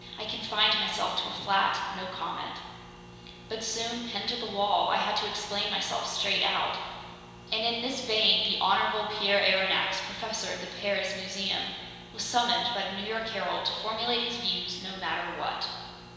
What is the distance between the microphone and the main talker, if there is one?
1.7 m.